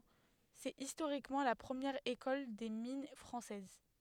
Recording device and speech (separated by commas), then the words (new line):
headset microphone, read sentence
C'est historiquement la première École des mines française.